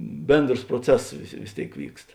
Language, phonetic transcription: Lithuanian, ˈbėndros proˈcesos vis vis ˈtėik ˈvykst

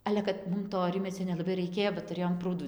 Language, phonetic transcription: Lithuanian, ˈale kad ˈmum to ˈrimiecio nelaˈbai raiˈkėjo ba tuˈrėjom ˈprūdų

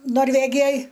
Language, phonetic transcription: Lithuanian, norˈvegijoj

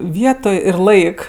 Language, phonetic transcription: Lithuanian, ˈvietoj ir ˈlaik

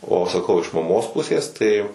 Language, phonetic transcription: Lithuanian, o saˈkau iš maˈmos ˈpusės tai

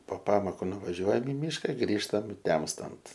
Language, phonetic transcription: Lithuanian, po ˈpamoku nuvaˈžiuojam i ˈmyška ˈgrįžtam ˈtemstant

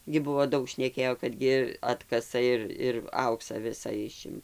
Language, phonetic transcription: Lithuanian, gi ˈbuvo ˈdaug šneˈkėjo kad ˈgi ˈatkasa ir ir ˈauksa ˈvisa ˈišim

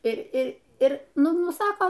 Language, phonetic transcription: Lithuanian, i i ir ˈnu ˈnu ˈsako

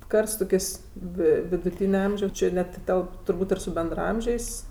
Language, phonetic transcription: Lithuanian, ˈkart su toˈkės' ˈvi viduˈtyne ˈamžiaus ˈči net ˈtelp turˈbūt' ir su bendraˈamžiais

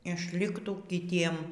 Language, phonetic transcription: Lithuanian, išˈliktų kiˈtiem

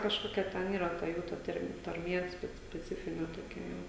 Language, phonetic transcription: Lithuanian, kažˈkokia ˈten ˈyra ta ˈjų ˈtarm tarˈmie ˈspe speˈcifine toˈkia ˈjau

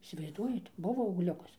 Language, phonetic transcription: Lithuanian, įsivaizˈduojat ˈbuvo augˈliukas

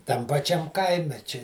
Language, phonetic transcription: Lithuanian, tam paˈčiam ˈkaime či

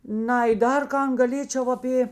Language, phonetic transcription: Lithuanian, ˈnai ˈdar ˈkan gaˈlėčiau aˈpė

